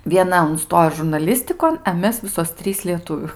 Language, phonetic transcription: Lithuanian, vieˈna unˈstojo žurnaˈlistikon e ˈmes ˈvisos ˈtrys lieˈtuvių

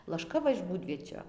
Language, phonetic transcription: Lithuanian, lašˈka ˈva iš ˈbūdviečio

